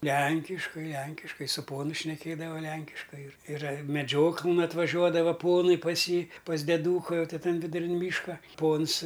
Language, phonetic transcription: Lithuanian, ˈlænkiškai ˈlenkiškai su ˈponu šneˈkėdava ˈlenkiškai ir iˈra meˈdžioklɘn atvaˈžiuodava ˈponai pas ˈjį pas deˈdūka jau ˈty ˈtan viduˈrin ˈmyška ˈpons

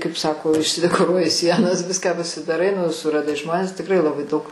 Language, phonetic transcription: Lithuanian, kaip ˈsako išsidekoˈruoji ˈsienas ˈviską pasidaˈrai nu suraˈdai ˈžmones tikˈrai laˈbai daug

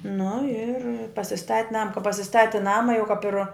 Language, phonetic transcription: Lithuanian, nu ir pasiˈstat' ˈnama ka pasiˈstati ˈnama jau kap ir

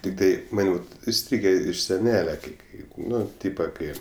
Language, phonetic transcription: Lithuanian, ˈtiktai ˈman iˈstrygė iš seˈnele kai ˈkai ˈnu ˈtypa ˈkai

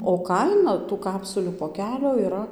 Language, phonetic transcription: Lithuanian, o ˈkaina tų ˈkapsulių poˈkelio yˈra

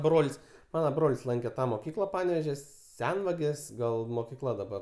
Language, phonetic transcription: Lithuanian, ˈbrol's' ˈmana ˈbroli's' ˈlanke ˈtą moˈkykla ˈpanevėžio ˈsenvagės ˈgal mokiˈkla daˈbar

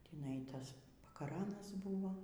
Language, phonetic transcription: Lithuanian, tįˈnai ˈtas pakaˈranas ˈbuvo

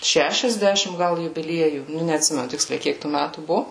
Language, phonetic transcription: Lithuanian, šešiasˈdešim ˈgal jubiˈliejų ˈnu neatˈsimenu ˈtiksliai ˈkiek tų ˈmætų ˈbuvo

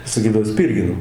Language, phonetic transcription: Lithuanian, saˈkydavo ˈspyrgino

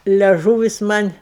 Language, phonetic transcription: Lithuanian, leˈžūvis ˈman'

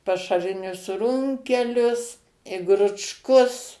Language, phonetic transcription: Lithuanian, pašaˈrinius ˈrunkelius i gručˈkus

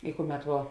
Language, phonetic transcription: Lithuanian, i ˈkuˌmet vuo

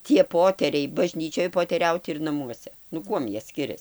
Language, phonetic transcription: Lithuanian, tie poˈteriai baˈžnyčioj poteˈriaut ir naˈmuose nu ˈkuom ˈjie ˈskirias

